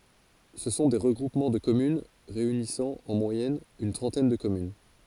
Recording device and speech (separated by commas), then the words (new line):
forehead accelerometer, read sentence
Ce sont des regroupements de communes réunissant en moyenne une trentaine de communes.